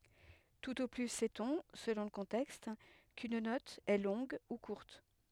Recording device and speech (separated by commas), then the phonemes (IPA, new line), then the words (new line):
headset microphone, read sentence
tut o ply sɛtɔ̃ səlɔ̃ lə kɔ̃tɛkst kyn nɔt ɛ lɔ̃ɡ u kuʁt
Tout au plus sait-on, selon le contexte, qu'une note est longue ou courte.